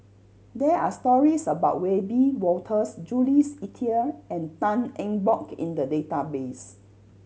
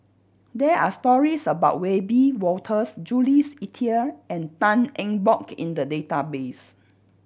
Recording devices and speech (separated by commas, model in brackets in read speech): mobile phone (Samsung C7100), boundary microphone (BM630), read sentence